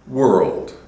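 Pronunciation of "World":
In 'world', the R is an American R that sounds like the growling of a dog, not a rolled R.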